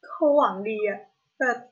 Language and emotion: Thai, sad